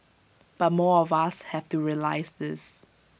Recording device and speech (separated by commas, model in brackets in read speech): boundary microphone (BM630), read sentence